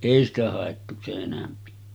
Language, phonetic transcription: Finnish, 'èi ‿stä hàettu 'seˀ 'ˀenämpi .
- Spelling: ei sitä haettu sen enempi

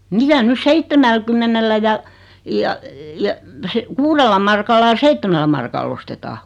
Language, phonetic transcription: Finnish, mitä 'nys "seittemälkymmenellä ja , ja , ja , se- , "kuurella markalla ʲᵃ "seittemällä markal'l ‿ostetaa .
- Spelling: mitä nyt seitsemälläkymmenellä ja ja ja - kuudella markalla ja seitsemällä markalla ostetaan

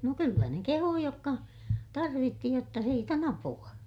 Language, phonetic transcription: Finnish, no kyllä ne kehuu jokka , tarvitti jotta siit ‿on ‿apu₍a .
- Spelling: no kyllä ne kehui jotka tarvitsi jotta siitä on apua

